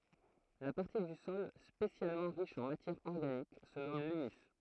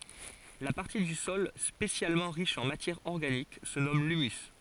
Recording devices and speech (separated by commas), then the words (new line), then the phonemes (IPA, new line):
throat microphone, forehead accelerometer, read sentence
La partie du sol spécialement riche en matière organique se nomme l'humus.
la paʁti dy sɔl spesjalmɑ̃ ʁiʃ ɑ̃ matjɛʁ ɔʁɡanik sə nɔm lymys